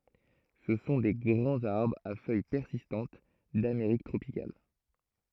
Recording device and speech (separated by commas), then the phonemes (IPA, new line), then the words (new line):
throat microphone, read sentence
sə sɔ̃ de ɡʁɑ̃z aʁbʁz a fœj pɛʁsistɑ̃t dameʁik tʁopikal
Ce sont des grands arbres à feuilles persistantes d'Amérique tropicale.